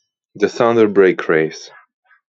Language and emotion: English, surprised